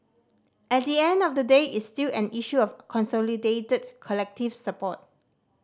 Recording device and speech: standing microphone (AKG C214), read sentence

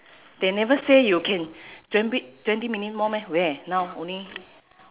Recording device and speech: telephone, conversation in separate rooms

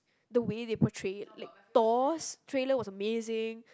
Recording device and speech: close-talking microphone, conversation in the same room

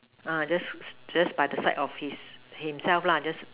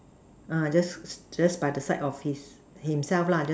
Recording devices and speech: telephone, standing microphone, conversation in separate rooms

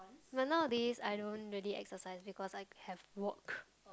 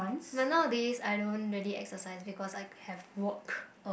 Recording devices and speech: close-talking microphone, boundary microphone, conversation in the same room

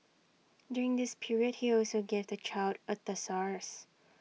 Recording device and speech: mobile phone (iPhone 6), read sentence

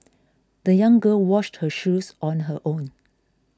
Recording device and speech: close-talking microphone (WH20), read sentence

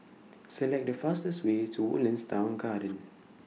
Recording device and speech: mobile phone (iPhone 6), read sentence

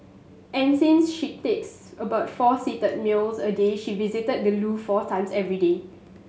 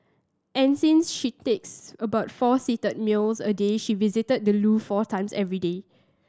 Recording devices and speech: mobile phone (Samsung S8), standing microphone (AKG C214), read sentence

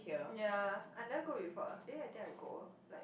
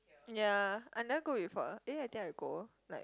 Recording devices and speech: boundary microphone, close-talking microphone, conversation in the same room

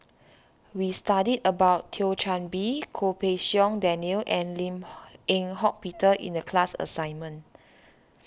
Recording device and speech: standing microphone (AKG C214), read sentence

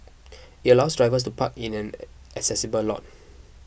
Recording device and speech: boundary microphone (BM630), read sentence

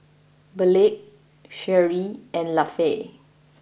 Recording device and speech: boundary microphone (BM630), read sentence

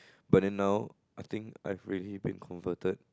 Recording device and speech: close-talking microphone, conversation in the same room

